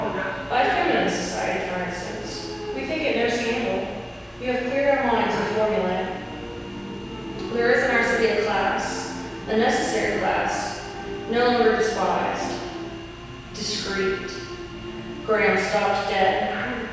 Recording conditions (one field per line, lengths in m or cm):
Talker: one person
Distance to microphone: 7.1 m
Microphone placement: far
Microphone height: 1.7 m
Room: very reverberant, large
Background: television